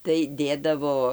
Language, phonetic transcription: Lithuanian, tai ˈdėdavo

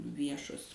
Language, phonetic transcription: Lithuanian, ˈviešos

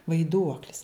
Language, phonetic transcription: Lithuanian, vaiˈduoklis

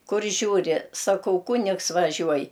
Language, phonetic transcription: Lithuanian, ˈkur ˈžiūri saˈkau ˈkunigs vaˈžiuoj

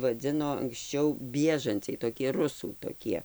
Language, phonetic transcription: Lithuanian, vaˈdzino anksˈčiau ˈbiežanciai toˈkie ˈrusų toˈkie

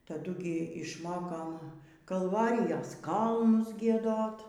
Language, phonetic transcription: Lithuanian, taˈdu gi išˈmokom kalˈvarijas ˈkalnus gieˈdot

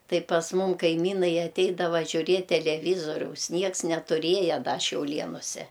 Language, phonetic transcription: Lithuanian, ˈtai pas ˈmum kaiˈmynai aˈteidava žiuˈriet' teleˈvyzoriaus ˈnieks netuˈrieja ˈda šiauˈlienuse

